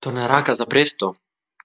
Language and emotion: Italian, surprised